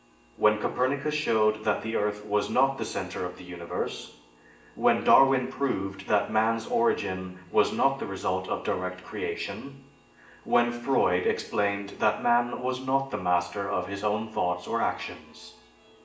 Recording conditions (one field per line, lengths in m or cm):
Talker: one person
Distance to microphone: 1.8 m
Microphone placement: close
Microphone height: 1.0 m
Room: large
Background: music